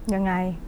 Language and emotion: Thai, frustrated